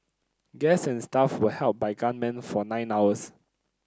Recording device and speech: close-talking microphone (WH30), read sentence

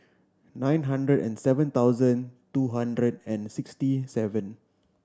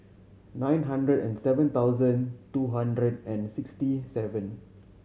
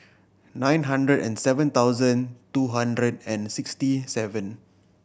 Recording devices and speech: standing microphone (AKG C214), mobile phone (Samsung C7100), boundary microphone (BM630), read sentence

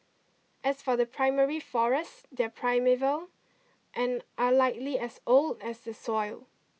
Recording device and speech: mobile phone (iPhone 6), read sentence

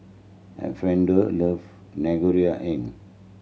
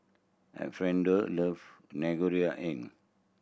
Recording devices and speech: mobile phone (Samsung C7100), boundary microphone (BM630), read sentence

